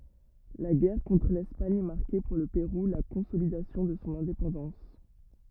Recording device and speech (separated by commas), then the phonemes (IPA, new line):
rigid in-ear microphone, read sentence
la ɡɛʁ kɔ̃tʁ lɛspaɲ maʁkɛ puʁ lə peʁu la kɔ̃solidasjɔ̃ də sɔ̃ ɛ̃depɑ̃dɑ̃s